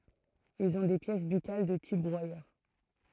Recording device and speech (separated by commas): throat microphone, read sentence